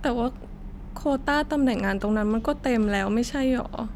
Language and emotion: Thai, sad